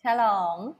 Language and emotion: Thai, happy